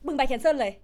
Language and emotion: Thai, angry